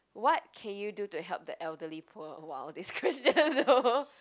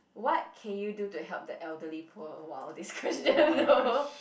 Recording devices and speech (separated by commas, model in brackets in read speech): close-talking microphone, boundary microphone, conversation in the same room